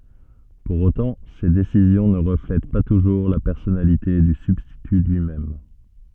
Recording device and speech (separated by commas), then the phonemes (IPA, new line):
soft in-ear microphone, read sentence
puʁ otɑ̃ se desizjɔ̃ nə ʁəflɛt pa tuʒuʁ la pɛʁsɔnalite dy sybstity lyi mɛm